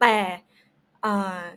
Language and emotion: Thai, neutral